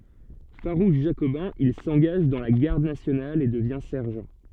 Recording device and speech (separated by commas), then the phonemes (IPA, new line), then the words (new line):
soft in-ear microphone, read sentence
faʁuʃ ʒakobɛ̃ il sɑ̃ɡaʒ dɑ̃ la ɡaʁd nasjonal e dəvjɛ̃ sɛʁʒɑ̃
Farouche jacobin, il s'engage dans la Garde nationale et devient sergent.